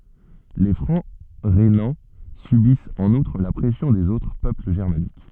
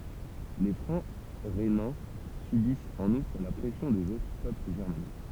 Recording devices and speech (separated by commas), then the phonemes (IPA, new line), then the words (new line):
soft in-ear microphone, temple vibration pickup, read sentence
le fʁɑ̃ ʁenɑ̃ sybist ɑ̃n utʁ la pʁɛsjɔ̃ dez otʁ pøpl ʒɛʁmanik
Les Francs rhénans subissent en outre la pression des autres peuples germaniques.